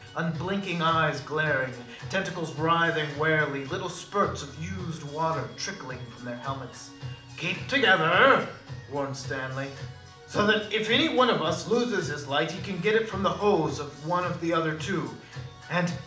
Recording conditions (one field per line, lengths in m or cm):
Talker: one person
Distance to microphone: 2.0 m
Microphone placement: close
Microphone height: 99 cm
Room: medium-sized (5.7 m by 4.0 m)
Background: music